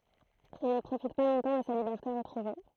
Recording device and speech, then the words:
throat microphone, read sentence
Elle ne profite pas longtemps de sa liberté retrouvée.

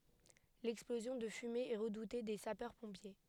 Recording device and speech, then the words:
headset microphone, read sentence
L'explosion de fumées est redoutée des sapeurs-pompiers.

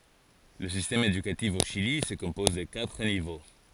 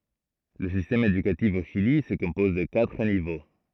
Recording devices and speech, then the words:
forehead accelerometer, throat microphone, read sentence
Le système éducatif au Chili se compose de quatre niveaux.

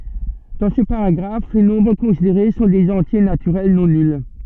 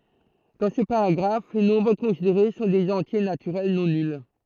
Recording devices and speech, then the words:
soft in-ear microphone, throat microphone, read sentence
Dans ce paragraphe, les nombres considérés sont des entiers naturels non nuls.

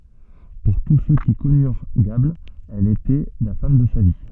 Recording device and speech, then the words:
soft in-ear microphone, read sentence
Pour tous ceux qui connurent Gable, elle était la femme de sa vie.

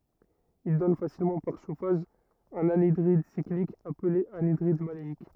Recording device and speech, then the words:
rigid in-ear microphone, read sentence
Il donne facilement par chauffage un anhydride cyclique appelé anhydride maléique.

